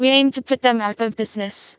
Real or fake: fake